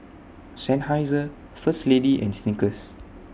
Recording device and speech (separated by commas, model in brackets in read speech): boundary microphone (BM630), read sentence